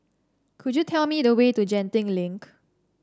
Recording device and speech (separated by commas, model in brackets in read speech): standing microphone (AKG C214), read sentence